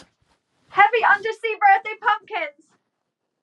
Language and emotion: English, fearful